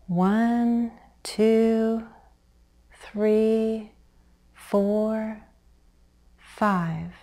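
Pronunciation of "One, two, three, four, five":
The count 'one, two, three, four, five' is said with a low-rise intonation.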